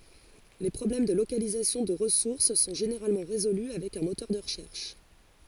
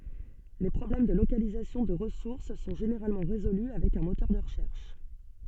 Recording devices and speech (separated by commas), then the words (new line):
forehead accelerometer, soft in-ear microphone, read sentence
Les problèmes de localisation de ressource sont généralement résolus avec un moteur de recherche.